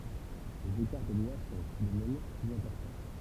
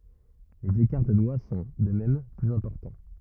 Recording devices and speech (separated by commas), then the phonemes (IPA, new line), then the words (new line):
temple vibration pickup, rigid in-ear microphone, read sentence
lez ekaʁ də dwa sɔ̃ də mɛm plyz ɛ̃pɔʁtɑ̃
Les écarts de doigts sont, de même, plus importants.